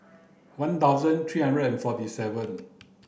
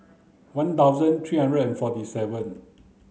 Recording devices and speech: boundary microphone (BM630), mobile phone (Samsung C9), read sentence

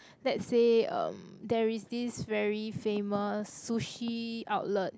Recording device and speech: close-talking microphone, conversation in the same room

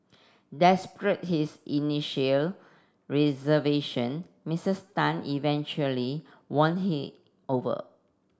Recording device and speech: standing microphone (AKG C214), read sentence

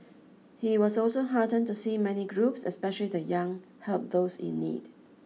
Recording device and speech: mobile phone (iPhone 6), read sentence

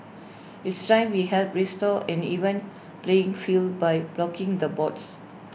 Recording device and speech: boundary microphone (BM630), read sentence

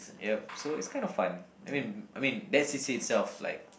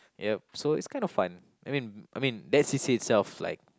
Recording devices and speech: boundary microphone, close-talking microphone, conversation in the same room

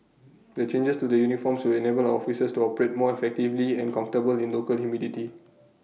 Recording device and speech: mobile phone (iPhone 6), read sentence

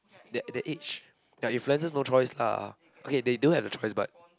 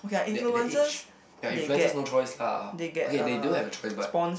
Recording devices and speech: close-talking microphone, boundary microphone, conversation in the same room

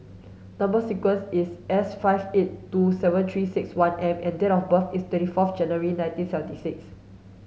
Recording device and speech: mobile phone (Samsung S8), read sentence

